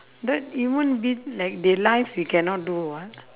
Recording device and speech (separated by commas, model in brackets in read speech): telephone, conversation in separate rooms